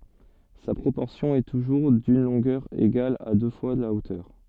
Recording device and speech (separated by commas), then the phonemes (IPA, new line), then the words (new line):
soft in-ear microphone, read sentence
sa pʁopɔʁsjɔ̃ ɛ tuʒuʁ dyn lɔ̃ɡœʁ eɡal a dø fwa la otœʁ
Sa proportion est toujours d'une longueur égale à deux fois la hauteur.